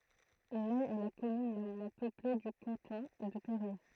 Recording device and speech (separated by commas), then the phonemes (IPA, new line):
throat microphone, read sentence
nɛ ɛ la kɔmyn la mwɛ̃ pøple dy kɑ̃tɔ̃ də peʁje